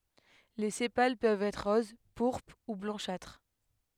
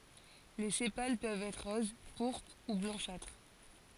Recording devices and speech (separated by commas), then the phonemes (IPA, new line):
headset microphone, forehead accelerometer, read sentence
le sepal pøvt ɛtʁ ʁoz puʁpʁ u blɑ̃ʃatʁ